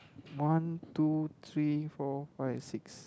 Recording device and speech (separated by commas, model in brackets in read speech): close-talking microphone, conversation in the same room